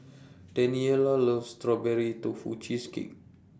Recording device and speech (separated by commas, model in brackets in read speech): standing microphone (AKG C214), read sentence